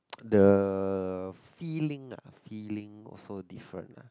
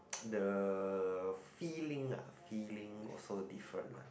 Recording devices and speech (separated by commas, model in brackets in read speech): close-talking microphone, boundary microphone, conversation in the same room